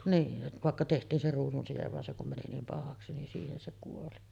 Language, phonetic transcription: Finnish, 'niin , 'vàekka teht̀iin se ruusunsijev van se kum mäni 'niim "pahaksi nin 'siihen se kuoli .
- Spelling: niin vaikka tehtiin se ruusunside vaan se kun meni niin pahaksi niin siihen se kuoli

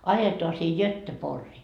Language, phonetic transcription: Finnish, 'ajetoa sii "Jötte'porrii .
- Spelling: ajetaan sinne Göteborgiin

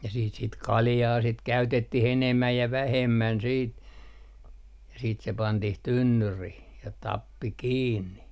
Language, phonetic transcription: Finnish, ja siit sit "kaljaa sit 'käytettih 'enemmäj ja 'vähemmän siit , ja siit se 'pantih "tynnyrih , ja 'tappi "kiinni .
- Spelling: ja sitten sitä kaljaa sitä käytettiin enemmän ja vähemmän sitten ja sitten se pantiin tynnyriin ja tappi kiinni

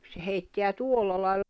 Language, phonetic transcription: Finnish, se heitteä "tuolla lai̬l- .
- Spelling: se heittää tuolla lailla

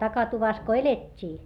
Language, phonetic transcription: Finnish, takatuvas ko elet́t́ii .
- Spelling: takatuvassa kun elettiin

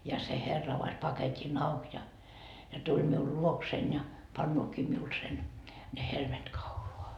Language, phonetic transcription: Finnish, ja se 'herra avas 'paket́i"n ‿auk ja , ja 'tuĺ miul 'luoksein ja , 'pannookii miul sen , ne 'helmet "kauloa .
- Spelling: ja se herra avasi paketin auki ja ja tuli minun luokseni ja paneekin minulle sen ne helmet kaulaan

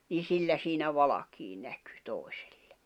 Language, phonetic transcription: Finnish, nii 'sillä siinä 'valakii näkʏ , 'tòi̬sᴇʟʟᴇ .
- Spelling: niin sillä siinä valkea näkyi toisille

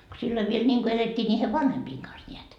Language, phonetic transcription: Finnish, ko silloi viel 'ńiŋko 'elet́t́ii ńiihe "vanhempiiŋ kans 'ńeät .
- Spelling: kun silloin vielä niin kuin elettiin niiden vanhempien kanssa näet

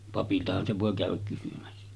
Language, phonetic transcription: Finnish, papiltahan se vòe 'kä̀öväk kysymässä .
- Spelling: papiltahan se voi käydä kysymässä

